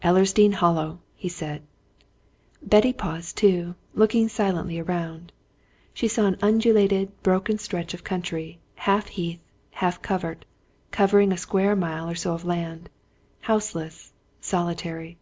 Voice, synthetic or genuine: genuine